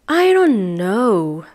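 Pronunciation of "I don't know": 'I don't know' is said in a curious tone.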